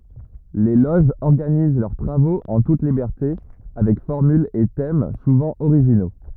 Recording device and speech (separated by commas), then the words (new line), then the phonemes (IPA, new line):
rigid in-ear microphone, read sentence
Les loges organisent leurs travaux en toute liberté avec formules et thèmes souvent originaux.
le loʒz ɔʁɡaniz lœʁ tʁavoz ɑ̃ tut libɛʁte avɛk fɔʁmylz e tɛm suvɑ̃ oʁiʒino